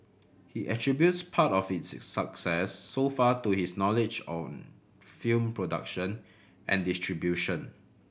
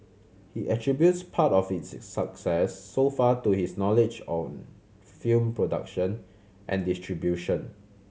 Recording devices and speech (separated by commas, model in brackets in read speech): boundary microphone (BM630), mobile phone (Samsung C7100), read sentence